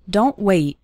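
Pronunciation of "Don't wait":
In 'Don't wait', the t sounds at the end of 'don't' and 'wait' are heard as sudden stops rather than as full t sounds.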